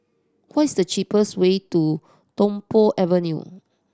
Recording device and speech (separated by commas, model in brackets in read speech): standing microphone (AKG C214), read sentence